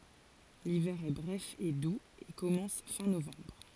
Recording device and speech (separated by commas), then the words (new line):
forehead accelerometer, read sentence
L'hiver est bref et doux et commence fin novembre.